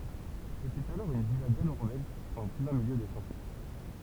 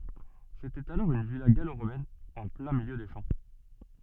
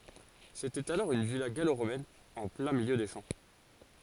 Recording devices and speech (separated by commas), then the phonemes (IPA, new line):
temple vibration pickup, soft in-ear microphone, forehead accelerometer, read sentence
setɛt alɔʁ yn vila ɡaloʁomɛn ɑ̃ plɛ̃ miljø de ʃɑ̃